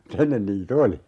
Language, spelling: Finnish, mutta ennen niitä oli
- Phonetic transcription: m̥'t ‿ennen nii"t ‿oli .

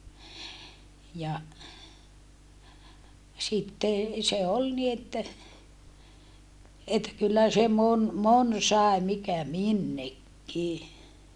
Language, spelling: Finnish, ja sitten se oli niin että että kyllä se moni moni sai mikä minnekin
- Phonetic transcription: ja , sitte , se ol ni että , että kyllä se mon , mon sàe mikä minnekki !

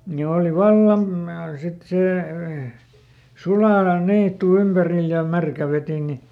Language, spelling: Finnish, ne oli vallan - sitten se suoalan niitty ympärillä ja märkä vetinen
- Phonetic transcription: ne ˈòli "vallam ma- , ˈsit ˈsè , ˈsuaalan "niittu ˈympäril ja ˈmärkä vetine .

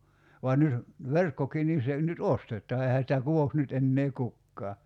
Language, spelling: Finnish, vaan nyt verkkokin niin se nyt ostetaan eihän sitä kutoisi nyt enää kukaan
- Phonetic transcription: van 'nyt , 'verkkokii nin̬ 'se nyt "ostet̀aa 'ehä sⁱtä 'kuvoks nyt ennee 'kukkaa .

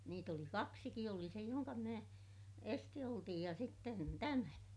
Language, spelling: Finnish, niitä oli kaksikin oli se jonka minä esisti otin ja sitten tämä
- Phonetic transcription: niit ‿oli kaksiki - oli se joŋka minä , esti otij ja sitten tämä .

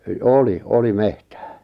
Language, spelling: Finnish, oli oli metsää
- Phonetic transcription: òli , 'oli 'mehtᴀ̈ᴀ̈ .

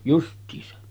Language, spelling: Finnish, justiinsa
- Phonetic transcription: 'just̆tiisa .

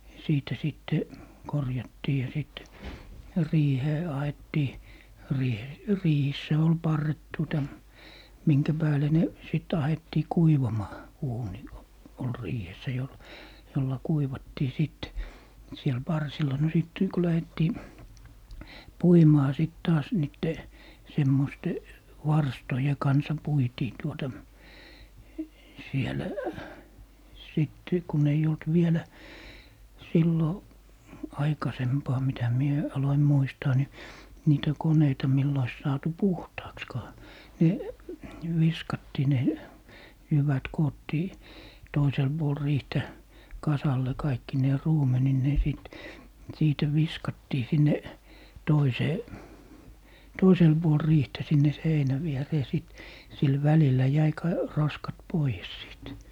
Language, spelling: Finnish, siitä sitten korjattiin ja sitten riiheen ahdettiin - riihissä oli parret tuota minkä päälle ne sitten ahdettiin kuivamaan uuni - oli riihessä - jolla kuivattiin sitten siellä parsilla no sitten kun lähdettiin puimaan sitten taas niiden semmoisten varstojen kanssa puitiin tuota siellä sitten kun ei ollut vielä silloin aikaisempaa mitä minä aloin muistaa niin niitä koneita millä olisi saatu puhtaaksikaan ne viskattiin ne jyvät koottiin toiselle puolen riihtä kasalle kaikkineen ruumenineen sitten siitä viskattiin sinne toiseen toiselle puolen riihtä sinne seinän viereen sitten sillä välillä jäi - roskat pois sitten
- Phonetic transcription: 'siitä 'sitte , "korjattii ja sit , "riihee 'ahettii , 'riihe- , 'riihissä ol "parret tuota , 'miŋkä pääle ne , sit 'ahettii "kuivamaa , 'uuni o - ol "riihessä jol - 'jolla "kuivattii 'sit , 'siel "parsil̀a no 'sìt , ku 'lähettii , "puimaa sìt 'taas niitte , 'semmoste , "varstoje 'kansa 'puitii tuota , 'sielᵃ̈ , sìt , 'kun ei olt 'vielä , 'sillo , 'aikasempaa mitä 'mie , 'aloim 'muistaa ni , 'niitä "koneita mill ‿ois 'saatu "puhtaakskaa , ne , "viskattii ne , "jyvät 'koottii , 'toisel 'Buol "riihtä , 'kasalle 'kaikkinee 'ruumeninnee sit , 'siitä "viskattii 'sinne , 'toisee , 'toisel 'Buol 'riihtä sinne "seinä 'vieree 'sìt , 'sil "välillä jäi ka- , 'roskat "poijes 'sìt .

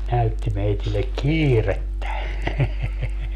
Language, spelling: Finnish, näytti meille kiirettä
- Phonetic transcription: 'näytti meitillek "kiirettä .

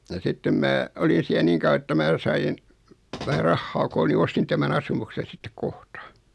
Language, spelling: Finnish, ja sitten minä olin siellä niin kauan että minä sain vähän rahaa koolle niin ostin tämän asumuksen sitten kohta
- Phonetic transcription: ja sittem 'mää , olin̬ siä 'niŋ kau₍a että 'mää sa₍in , vähä 'rahhaa kool ni 'ostin tämän "asumuksen̬ sittek "kohta .

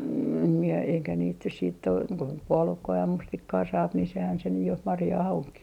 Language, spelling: Finnish, en minä eikä niitä nyt sitten ole kuin puolukkaa ja mustikkaa saa niin sehän se nyt jo marjaa onkin
- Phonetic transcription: em mie eikä niit nys siitt ‿ok ko 'puolukkaa ja 'mustikkaa saap ni sehän se nyj jo , 'marjaah oŋkii .

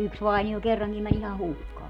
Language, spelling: Finnish, yksi vainio kerrankin meni ihan hukkaan
- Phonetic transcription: "yks 'vainio 'kerraŋkim män ‿iha "hukkaa .

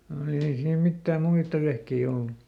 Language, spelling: Finnish, mm ei siinä mitään muita vehkeitä ollut
- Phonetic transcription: m̥ ei ˈsiim ˈmittääm "muitta vehkei ˈollu .

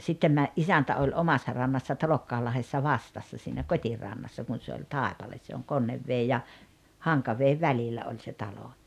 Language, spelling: Finnish, sitten - isäntä oli omassa rannassa Talokkaanlahdessa vastassa siinä kotirannassa kun se oli taipale se on Konneveden ja Hankaveden välillä oli se talo
- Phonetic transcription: sittem mä- , "’isäntä oĺ "omassa 'rannassa 'Talokkaallahessa "vastassa siinä "kot́irannassa kun̬ se oĺ "tàepales se oŋ 'Konnevvee ja , 'Haŋkaveev "välillä oĺ se 'talo .

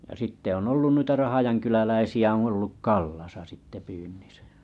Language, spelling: Finnish, ja sitten on ollut noita Rahjankyläläisiä on ollut Kallassa sitten pyynnissä
- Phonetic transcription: jᵃ sitte on 'ollun 'nuita 'rahajaŋkyläläisi₍ä oo̰ olluk "Kallasa sitte 'pyynnisᴀ̈ .

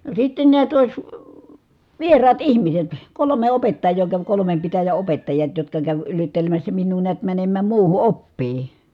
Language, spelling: Finnish, no sitten näet olisi vieraat ihmiset kolme opettajaa kävi kolmen pitäjän opettajat jotka kävi yrittelemässä minua näet menemään muuhun oppiin
- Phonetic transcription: no sitten niät òi̮s , vieraat ihmiset , kolome opettaj̆joo käv kolomem pitäjä opettajat jotka käv yrittelemässä minnuu niät mänemmääm muuhu oppii .

